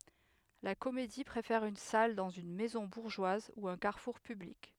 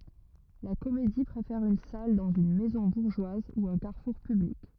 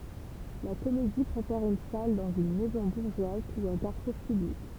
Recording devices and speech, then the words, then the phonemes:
headset microphone, rigid in-ear microphone, temple vibration pickup, read sentence
La comédie préfère une salle dans une maison bourgeoise ou un carrefour public.
la komedi pʁefɛʁ yn sal dɑ̃z yn mɛzɔ̃ buʁʒwaz u œ̃ kaʁfuʁ pyblik

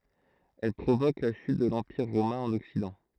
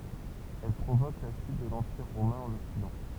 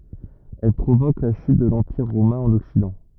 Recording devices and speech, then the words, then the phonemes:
throat microphone, temple vibration pickup, rigid in-ear microphone, read sentence
Elles provoquent la chute de l'Empire romain en Occident.
ɛl pʁovok la ʃyt də lɑ̃piʁ ʁomɛ̃ ɑ̃n ɔksidɑ̃

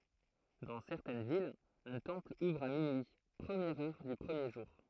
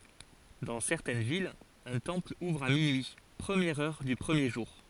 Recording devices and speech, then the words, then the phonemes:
throat microphone, forehead accelerometer, read sentence
Dans certaines villes, un temple ouvre à minuit, première heure du premier jour.
dɑ̃ sɛʁtɛn vilz œ̃ tɑ̃pl uvʁ a minyi pʁəmjɛʁ œʁ dy pʁəmje ʒuʁ

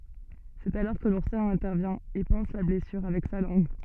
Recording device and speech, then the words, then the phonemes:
soft in-ear microphone, read sentence
C'est alors que l'ourson intervient et panse la blessure avec sa langue.
sɛt alɔʁ kə luʁsɔ̃ ɛ̃tɛʁvjɛ̃ e pɑ̃s la blɛsyʁ avɛk sa lɑ̃ɡ

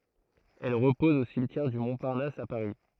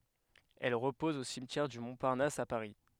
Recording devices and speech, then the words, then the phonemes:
throat microphone, headset microphone, read sentence
Elle repose au cimetière du Montparnasse à Paris.
ɛl ʁəpɔz o simtjɛʁ dy mɔ̃paʁnas a paʁi

